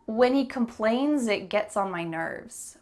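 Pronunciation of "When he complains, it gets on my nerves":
'Complains' links into 'it' with a z sound, and the linking makes the sentence a little quicker.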